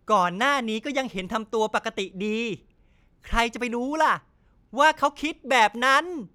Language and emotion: Thai, angry